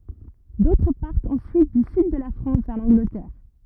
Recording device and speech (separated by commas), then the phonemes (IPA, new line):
rigid in-ear microphone, read sentence
dotʁ paʁtt ɑ̃syit dy syd də la fʁɑ̃s vɛʁ lɑ̃ɡlətɛʁ